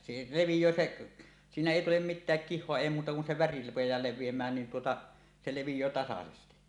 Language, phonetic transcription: Finnish, se 'levij̀öö "seˀ , siinä èi tulem "mit̆tääk 'kih̆hoa "èi muuta kun se väri rupej̀aa 'lev̆viem̀ään niin tuota , 'se 'levij̀öö 'tasasesti .
- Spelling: se leviää se siinä ei tule mitään kihoa ei muuta kuin se väri rupeaa leviämään niin tuota se leviää tasaisesti

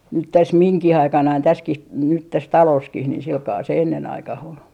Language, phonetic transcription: Finnish, nyt 'täs "miŋkih 'aikanain 'täskih , nyt 'täs "talooskih niih silkaa se 'enne'n ‿aikah ol .
- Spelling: nyt tässä minunkin aikanani tässäkin nyt tässä talossakin niin sillä kalella se ennen aikaan oli

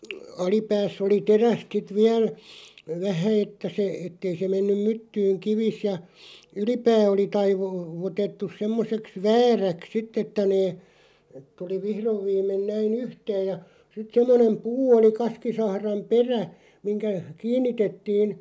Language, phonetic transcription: Finnish, 'alipääss ‿oli "teräst 'sit "viäl , 'vähä että se , 'ettei se 'mennyᵐ "myttyyŋ 'kivis ja , "ylipää oli 'taivu- , -vutettus 'semmoseks "vääräks 'sitᵗ ‿ettᵃ̈ nee , 'tuli "vihrov 'viim̆men 'näi"n ‿yhteej ja , sit 'semmonem "puu oli 'kaskisahraᵐ "perä , 'miŋkä , "kiinnitettiin ,.
- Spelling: alipäässä oli terästä sitten vielä vähän että se että ei se mennyt myttyyn kivi ja ylipää oli - taivutettu semmoiseksi vääräksi sitten että ne tuli vihdoin viimein näin yhteen ja sitten semmoinen puu oli kaskisahran perä mihin kiinnitettiin

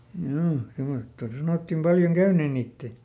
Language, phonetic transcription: Finnish, ˈhjuu , semosta ˈsanottim "paljoŋ "käyneen̆ ˈniittè .
- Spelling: juu semmoista sanottiin paljon käyneen niiden

